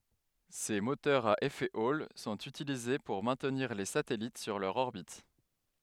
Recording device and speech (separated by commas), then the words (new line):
headset microphone, read sentence
Ces moteurs à effet Hall sont utilisés pour maintenir les satellites sur leur orbite.